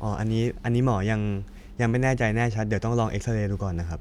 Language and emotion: Thai, neutral